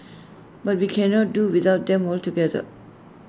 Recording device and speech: standing microphone (AKG C214), read sentence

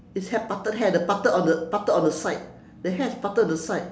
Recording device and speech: standing microphone, conversation in separate rooms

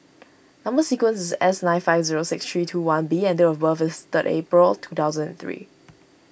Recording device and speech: boundary microphone (BM630), read sentence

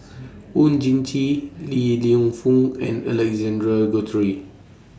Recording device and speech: standing microphone (AKG C214), read sentence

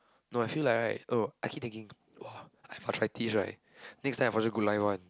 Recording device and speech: close-talking microphone, conversation in the same room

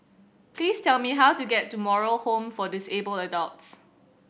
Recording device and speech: boundary microphone (BM630), read sentence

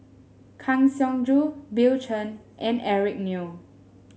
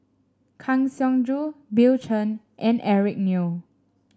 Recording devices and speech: mobile phone (Samsung S8), standing microphone (AKG C214), read sentence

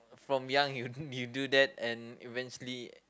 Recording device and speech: close-talking microphone, conversation in the same room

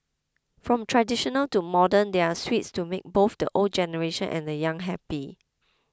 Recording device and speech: close-talking microphone (WH20), read sentence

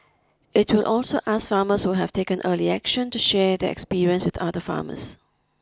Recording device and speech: close-talking microphone (WH20), read sentence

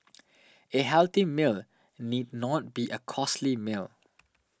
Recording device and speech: standing microphone (AKG C214), read sentence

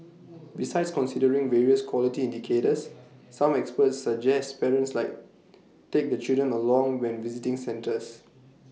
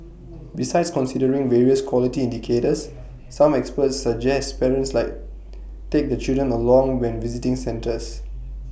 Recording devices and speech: mobile phone (iPhone 6), boundary microphone (BM630), read sentence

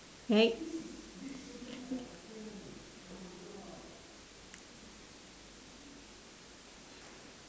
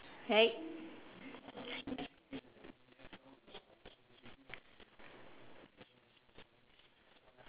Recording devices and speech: standing microphone, telephone, conversation in separate rooms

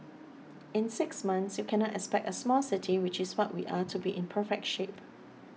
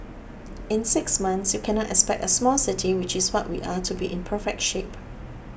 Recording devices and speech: mobile phone (iPhone 6), boundary microphone (BM630), read sentence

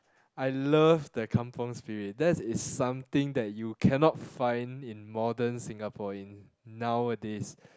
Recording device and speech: close-talking microphone, conversation in the same room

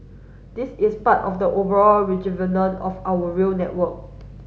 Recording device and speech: mobile phone (Samsung S8), read sentence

